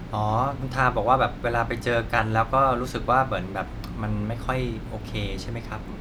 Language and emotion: Thai, neutral